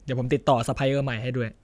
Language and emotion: Thai, frustrated